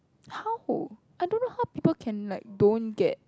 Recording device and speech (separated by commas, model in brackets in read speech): close-talking microphone, conversation in the same room